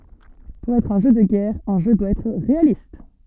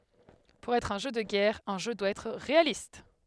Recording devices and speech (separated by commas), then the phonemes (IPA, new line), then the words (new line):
soft in-ear microphone, headset microphone, read sentence
puʁ ɛtʁ œ̃ ʒø də ɡɛʁ œ̃ ʒø dwa ɛtʁ ʁealist
Pour être un jeu de guerre, un jeu doit être réaliste.